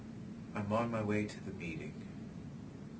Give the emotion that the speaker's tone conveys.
sad